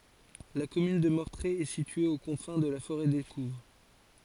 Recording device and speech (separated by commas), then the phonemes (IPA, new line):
forehead accelerometer, read sentence
la kɔmyn də mɔʁtʁe ɛ sitye o kɔ̃fɛ̃ də la foʁɛ dekuv